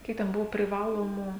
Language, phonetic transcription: Lithuanian, ˈkiek ten ˈbuvo priˈvalomu

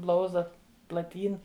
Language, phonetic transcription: Lithuanian, ˈblauzda plaˈtyn

